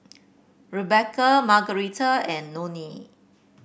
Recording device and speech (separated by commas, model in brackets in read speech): boundary microphone (BM630), read sentence